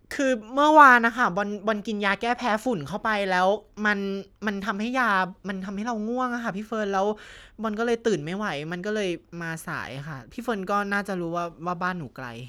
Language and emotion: Thai, frustrated